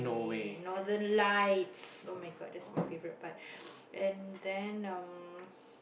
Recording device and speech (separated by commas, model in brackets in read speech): boundary microphone, conversation in the same room